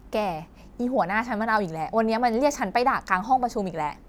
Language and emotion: Thai, frustrated